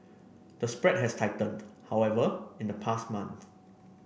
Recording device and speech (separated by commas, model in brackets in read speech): boundary microphone (BM630), read sentence